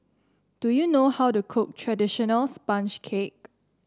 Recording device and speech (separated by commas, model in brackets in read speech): standing microphone (AKG C214), read sentence